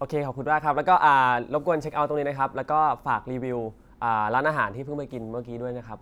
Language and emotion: Thai, neutral